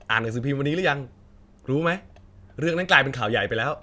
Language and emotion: Thai, neutral